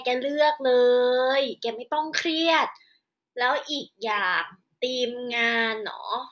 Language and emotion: Thai, happy